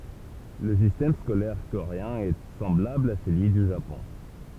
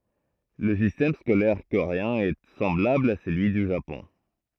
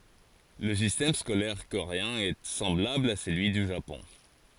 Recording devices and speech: temple vibration pickup, throat microphone, forehead accelerometer, read sentence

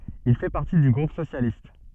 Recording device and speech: soft in-ear microphone, read sentence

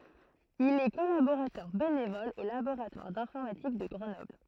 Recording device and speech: throat microphone, read sentence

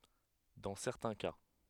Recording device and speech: headset microphone, read sentence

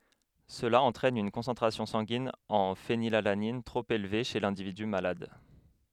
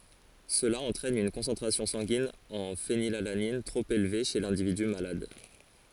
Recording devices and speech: headset microphone, forehead accelerometer, read sentence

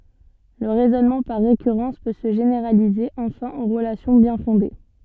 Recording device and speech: soft in-ear microphone, read sentence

